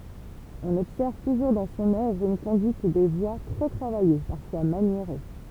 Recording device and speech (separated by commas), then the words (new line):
temple vibration pickup, read sentence
On observe toujours dans son œuvre une conduite des voix très travaillée, parfois maniérée.